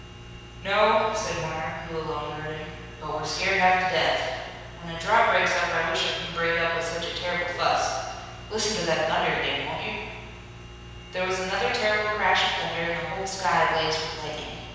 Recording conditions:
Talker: one person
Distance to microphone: 7.1 m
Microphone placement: far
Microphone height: 1.7 m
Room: very reverberant, large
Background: none

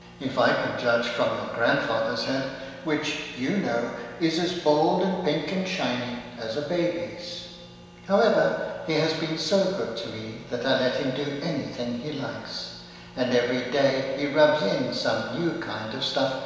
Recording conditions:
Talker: one person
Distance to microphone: 1.7 m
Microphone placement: close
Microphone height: 1.0 m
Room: very reverberant, large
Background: none

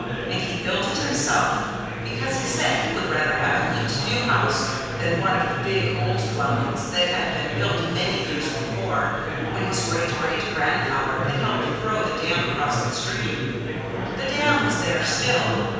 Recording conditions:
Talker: one person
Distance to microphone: 7.1 m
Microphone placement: far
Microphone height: 1.7 m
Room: very reverberant, large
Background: babble

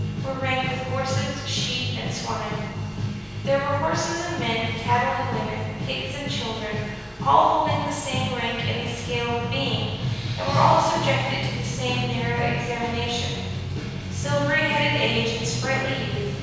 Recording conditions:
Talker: one person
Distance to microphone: 7.1 m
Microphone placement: far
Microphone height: 1.7 m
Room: very reverberant, large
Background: music

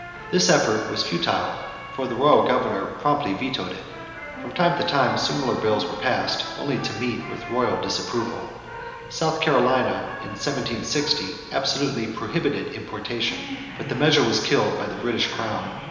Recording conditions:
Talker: one person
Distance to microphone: 1.7 m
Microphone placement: close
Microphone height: 1.0 m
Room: very reverberant, large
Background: television

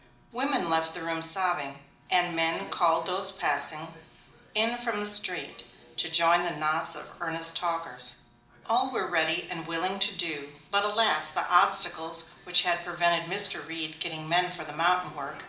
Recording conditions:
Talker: one person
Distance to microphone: 2.0 m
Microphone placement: close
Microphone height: 99 cm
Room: medium-sized (5.7 m by 4.0 m)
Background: television

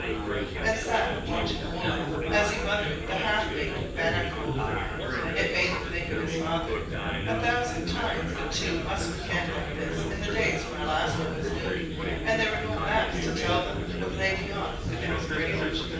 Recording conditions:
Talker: one person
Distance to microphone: 9.8 m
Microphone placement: far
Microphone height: 1.8 m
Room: large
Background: babble

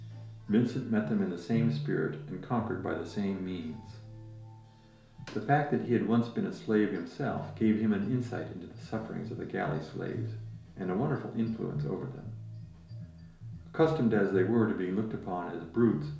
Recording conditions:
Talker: one person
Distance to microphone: 1.0 m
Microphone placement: close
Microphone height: 1.1 m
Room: small (3.7 m by 2.7 m)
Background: music

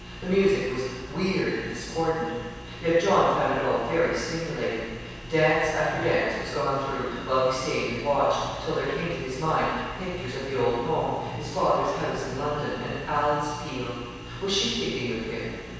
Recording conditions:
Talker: one person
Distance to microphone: 7.1 m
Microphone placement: far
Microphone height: 1.7 m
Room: very reverberant, large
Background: television

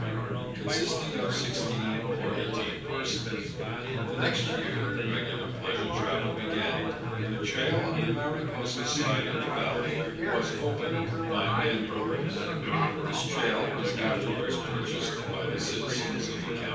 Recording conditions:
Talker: one person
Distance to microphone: 9.8 m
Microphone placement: far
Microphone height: 1.8 m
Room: large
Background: babble

